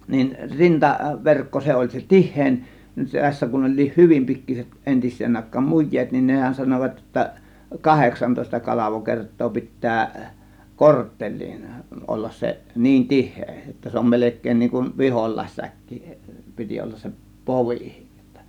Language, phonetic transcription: Finnish, nin "rinta'verkko 'se oĺ se "tih̆hèin , 'se tässä kun 'oĺ̆liih "hyvim 'pikkiset 'entis̆seen 'áėk̆kaam "muj̆jeet nin , "nehän 'sanovat jotta , "kaheksantòėsta "kalavokert̆too pit̆tää , "kortteĺ̆liin 'ollas se , 'niin "tih̆hee jotta 'se om 'melek̆keen niiŋ kun "vihol̆làėssäkki , 'piti ollas se "povì (sittä) .
- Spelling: niin rintaverkko se oli se tihein se tässä kun olikin hyvin pikkuiset entiseen aikaan mujeet niin nehän sanoivat jotta kahdeksantoista kalvokertaa pitää kortteliin olla se niin tiheä jotta se on melkein niin kuin viholaissäkki piti olla se povi sitten

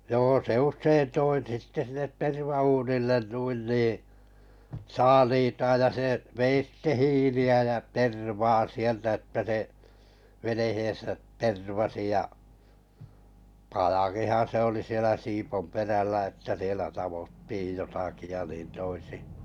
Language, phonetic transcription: Finnish, 'joo se 'ušsein 'toi sitte sinnet 'terva₍uunillen 'nuin nii , "saaliitaaj ja se 'vei sitte "hiili₍ä jä 'tervaa 'sieltä että se , venehen̬sät 'tervasi ja , pajakihan̬ se oli 'sielä Sipomperällä että sielä 'tavottiij 'jo- taki ja 'niin toisi .
- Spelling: joo se usein toi sitten sinne tervauunille noin niin saaliitaan ja se vei sitten hiiliä ja tervaa sieltä että se veneensä tervasi ja pajakinhan se oli siellä Siiponperällä että siellä taottiin jotakin ja niin toisin

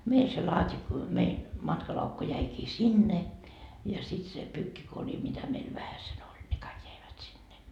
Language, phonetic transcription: Finnish, 'mei se laat́i- , mein , 'matkalaukku 'jäikii "sinne , ja sit se 'pyykkikori mitä meil 'vähäse'n ‿oĺ ne 'kaik 'jäivät sinne .
- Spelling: meidän se - meidän matkalaukku jäikin sinne ja sitten se pyykkikori mitä meillä vähäsen oli ne kaikki jäivät sinne

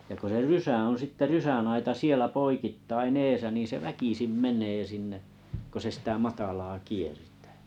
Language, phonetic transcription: Finnish, ja ko se "rysä oo̰ 'sitte "rysänaita 'sielä 'poikittain'n ‿eesä niin̬ 'se "väkisim 'meǹee 'sinne , ko se sⁱtä 'matalaa 'kiertᴀ̈ᴀ̈ .
- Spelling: ja kun se rysä on sitten rysänaita siellä poikittain edessä niin se väkisin menee sinne kun se sitä matalaa kiertää

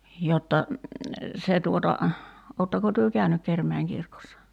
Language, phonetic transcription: Finnish, 'jotta , 'se tuota , 'oottako työ "käynyk 'Kermäiŋ 'kirkossa ?
- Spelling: jotta se tuota oletteko te käynyt Kerimäen kirkossa

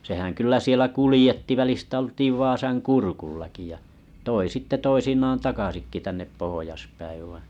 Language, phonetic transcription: Finnish, sehäŋ kyllä 'sielä 'kulĭjetti välistä ol̀tiiv 'Vaasaŋ "kurkullaki ja , toi sitte 'toisinaan 'takasikki tännep 'pohojaspäiv vai .
- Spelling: sehän kyllä siellä kuljetti välistä oltiin Vaasan kurkullakin ja toi sitten toisinaan takaisinkin tänne pohjaspäin vain

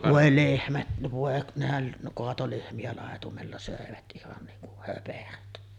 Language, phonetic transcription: Finnish, 'vòe "lehmät , vòe nehäŋ 'koato 'lehmi₍ä làetumella sö̀evät ’ihan niiŋ kuh 'höperöt .
- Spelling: voi lehmät voi nehän kaatoi lehmiä laitumella söivät ihan niin kuin höperöt

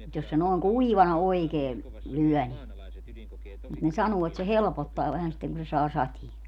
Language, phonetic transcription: Finnish, mut jos se nooŋ "kuivana 'oikee , 'lyɔ̈̀ ni , mut ne 'sanuu et se 'helpottaa vähän sitteŋ ku se 'saa 'satie .
- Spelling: mutta jos se noin kuivana oikein lyö niin mutta ne sanoo että se helpottaa vähän sitten kun se saa sateen

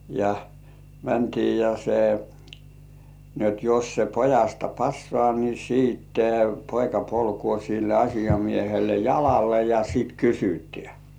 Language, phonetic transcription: Finnish, ja , mäntii ja se , ni ‿ot 'jos se 'pojasta "passŏà ni siitte , 'poika polkŭò sil ‿'aśijamiehelle "jalalle ja 'sìt "kysytĕä .
- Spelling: ja mentiin ja se niin jotta jos se pojasta passaa niin sitten poika polkee sille asiamiehelle jalalle ja sitten kysytään

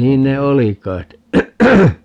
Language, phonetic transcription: Finnish, 'niin ne "oli k̀ai̮t .
- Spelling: niin ne oli kai

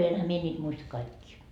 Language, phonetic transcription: Finnish, enhä 'mie ńiit 'muista 'kaikkii .
- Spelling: enhän minä niitä muista kaikkia

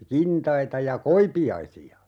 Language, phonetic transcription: Finnish, 'kintaita ja "koipi₍aisi₍a .
- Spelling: kintaita ja koipiaisia

